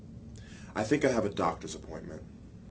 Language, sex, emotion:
English, male, neutral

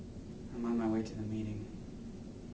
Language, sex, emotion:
English, male, sad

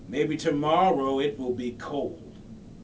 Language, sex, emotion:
English, male, neutral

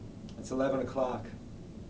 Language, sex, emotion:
English, male, neutral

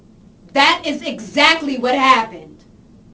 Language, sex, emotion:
English, female, angry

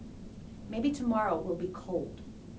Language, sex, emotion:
English, female, neutral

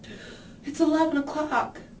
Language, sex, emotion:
English, female, fearful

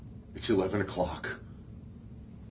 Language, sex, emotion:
English, male, fearful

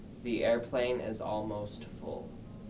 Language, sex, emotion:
English, male, neutral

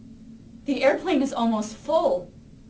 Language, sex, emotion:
English, female, fearful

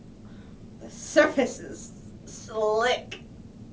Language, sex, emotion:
English, female, angry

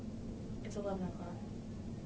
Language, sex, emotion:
English, female, neutral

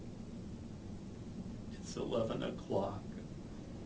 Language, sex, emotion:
English, male, sad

